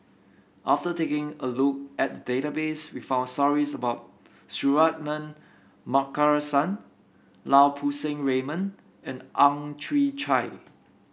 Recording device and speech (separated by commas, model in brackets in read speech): boundary microphone (BM630), read sentence